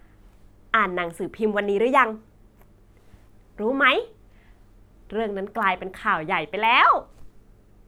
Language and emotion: Thai, happy